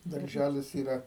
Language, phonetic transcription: Lithuanian, darˈžælis yˈra

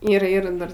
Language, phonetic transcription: Lithuanian, ir ˈir ˈdar

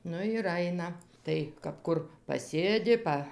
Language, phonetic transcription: Lithuanian, ˈnu ir ˈaina ˈtai kap ˈkur paˈsėdi ˈpa

